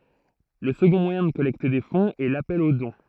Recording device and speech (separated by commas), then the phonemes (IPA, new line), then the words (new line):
throat microphone, read sentence
lə səɡɔ̃ mwajɛ̃ də kɔlɛkte de fɔ̃z ɛ lapɛl o dɔ̃
Le second moyen de collecter des fonds est l’appel au don.